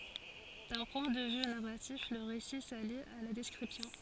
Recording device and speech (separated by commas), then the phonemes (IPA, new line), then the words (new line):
forehead accelerometer, read sentence
dœ̃ pwɛ̃ də vy naʁatif lə ʁesi sali a la dɛskʁipsjɔ̃
D'un point de vue narratif, le récit s'allie à la description.